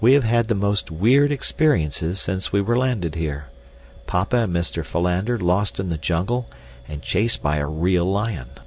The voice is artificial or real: real